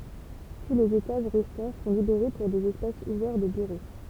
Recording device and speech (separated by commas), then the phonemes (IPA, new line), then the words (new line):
temple vibration pickup, read sentence
tu lez etaʒ ʁɛstɑ̃ sɔ̃ libeʁe puʁ dez ɛspasz uvɛʁ də byʁo
Tous les étages restants sont libérés pour des espaces ouverts de bureaux.